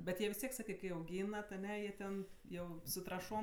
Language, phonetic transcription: Lithuanian, bet ˈjie vis ˈtiek ˈsakɜ kai auˈgynat aˈne jie ˈten ˈjau su traˈšom

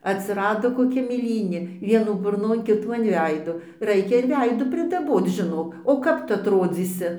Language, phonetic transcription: Lithuanian, atsiˈrado koˈkia mėˈlynė ˈvienų burˈnon ˈkitų an ˈveido ˈraikia ir ˈveidų pridaˈboc žiˈnok o ˈkap ˈtu atˈrodzysi

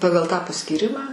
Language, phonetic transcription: Lithuanian, ˈpagal tą paskyˈrimą

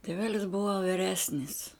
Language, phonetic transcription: Lithuanian, tėˈvelis ˈbuva viˈresnis

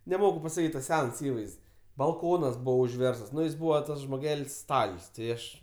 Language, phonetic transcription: Lithuanian, neˈmoku pasaˈkyt' tas ˈsens ˈįvaizd's' balˈkonas ˈbūvo užˈverstas ˈnu jis ˈbūva ˈtas žmoˈgel's' ˈstal's' ti ˈaš

